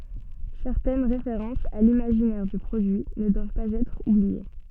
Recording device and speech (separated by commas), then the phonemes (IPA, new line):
soft in-ear microphone, read sentence
sɛʁtɛn ʁefeʁɑ̃sz a limaʒinɛʁ dy pʁodyi nə dwav paz ɛtʁ ublie